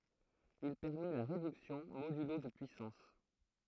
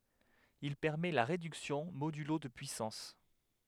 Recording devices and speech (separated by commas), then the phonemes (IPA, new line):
throat microphone, headset microphone, read sentence
il pɛʁmɛ la ʁedyksjɔ̃ modylo də pyisɑ̃s